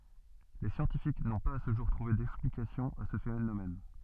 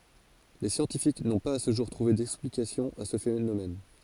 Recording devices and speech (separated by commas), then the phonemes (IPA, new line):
soft in-ear microphone, forehead accelerometer, read sentence
le sjɑ̃tifik nɔ̃ paz a sə ʒuʁ tʁuve dɛksplikasjɔ̃ a sə fenomɛn